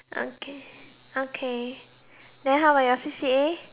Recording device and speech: telephone, conversation in separate rooms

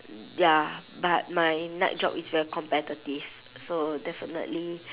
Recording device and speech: telephone, conversation in separate rooms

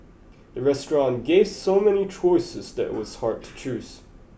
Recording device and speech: boundary microphone (BM630), read sentence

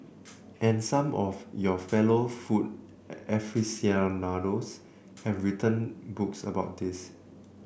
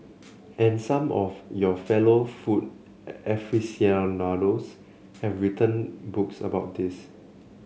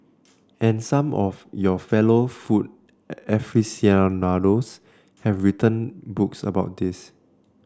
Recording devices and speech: boundary microphone (BM630), mobile phone (Samsung C7), standing microphone (AKG C214), read sentence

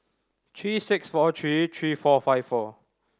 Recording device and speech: standing microphone (AKG C214), read sentence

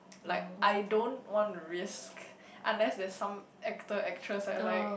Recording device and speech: boundary microphone, conversation in the same room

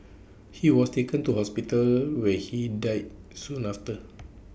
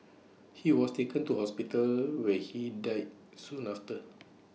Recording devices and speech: boundary microphone (BM630), mobile phone (iPhone 6), read sentence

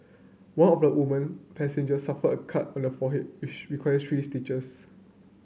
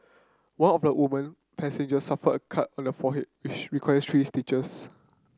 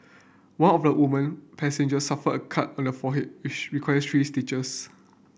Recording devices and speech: mobile phone (Samsung C9), close-talking microphone (WH30), boundary microphone (BM630), read sentence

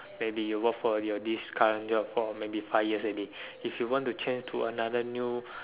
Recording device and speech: telephone, conversation in separate rooms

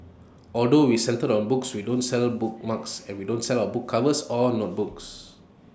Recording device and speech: standing microphone (AKG C214), read sentence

